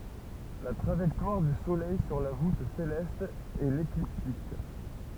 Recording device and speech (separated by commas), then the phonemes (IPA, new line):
temple vibration pickup, read sentence
la tʁaʒɛktwaʁ dy solɛj syʁ la vut selɛst ɛ lekliptik